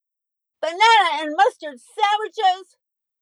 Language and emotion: English, neutral